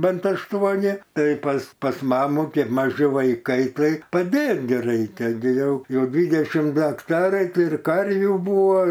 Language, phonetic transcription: Lithuanian, ˈbent ašˈtuoni ˈtai pas pas ˈmamų ˈkep maˈži vaiˈkai ˈtai paˈdėt gi ˈraikia gi ˈjau ˈjau ˈdvydešim ˈdu akˈtarai ˈtai ir ˈkarvių ˈbūvo

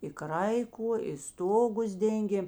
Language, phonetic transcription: Lithuanian, i ˈkraiku i ˈstogus ˈdengėm

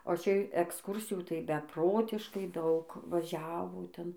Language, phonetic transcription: Lithuanian, o ˈčia eksˈkūrsijų tai beˈprotiškai ˈdaug vaˈžiavo ˈten

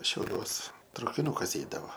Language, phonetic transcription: Lithuanian, šiauˈliuos traukiˈnukas ˈeidavo

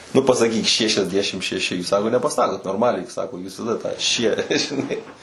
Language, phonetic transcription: Lithuanian, ˈnu pasaˈkyk ˌšešiasˈdešim šeˈši ˈsako nepaˈsakot normaˈliai ˈsako jūs taˈda tą šie žiˈnai

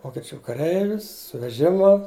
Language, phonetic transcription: Lithuanian, vokeˈčių kaˈreivis su veˈžimu

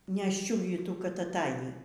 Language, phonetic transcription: Lithuanian, nešˈčiuvytų kad aˈtajį

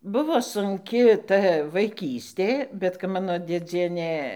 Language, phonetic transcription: Lithuanian, ˈbuvo sunˈki ˈta vaiˈkystė bet kap ˈmano dėˈdzienė

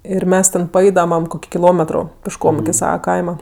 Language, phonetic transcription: Lithuanian, ir ˈmes ten paˈeidamam ˈkoki kiˈlometro pišˈkom iki ˈsava ˈkaima

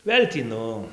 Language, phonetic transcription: Lithuanian, ˈvėl' tį ˈnu

